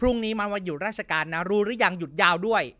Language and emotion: Thai, frustrated